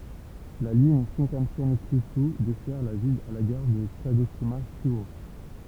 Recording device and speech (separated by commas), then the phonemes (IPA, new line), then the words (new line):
temple vibration pickup, read sentence
la liɲ ʃɛ̃kɑ̃sɛn kjyʃy dɛsɛʁ la vil a la ɡaʁ də kaɡoʃima ʃyo
La ligne Shinkansen Kyūshū dessert la ville à la gare de Kagoshima-Chūō.